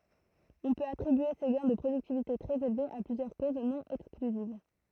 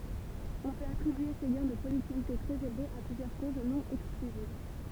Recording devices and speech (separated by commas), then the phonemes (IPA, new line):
throat microphone, temple vibration pickup, read sentence
ɔ̃ pøt atʁibye se ɡɛ̃ də pʁodyktivite tʁɛz elvez a plyzjœʁ koz nɔ̃ ɛksklyziv